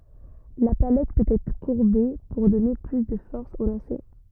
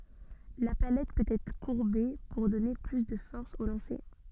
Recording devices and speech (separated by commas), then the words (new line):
rigid in-ear microphone, soft in-ear microphone, read sentence
La palette peut être courbée pour donner plus de force au lancer.